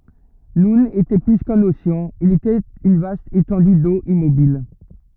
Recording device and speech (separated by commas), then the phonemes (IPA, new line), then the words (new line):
rigid in-ear microphone, read sentence
nun etɛ ply kœ̃n oseɑ̃ il etɛt yn vast etɑ̃dy do immobil
Noun était plus qu'un océan, il était une vaste étendue d'eau immobile.